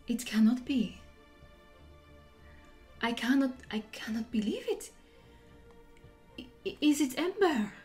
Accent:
French accent